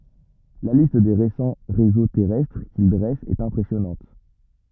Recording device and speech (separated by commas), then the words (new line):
rigid in-ear microphone, read sentence
La liste des récents réseaux terrestres qu'ils dressent est impressionnante.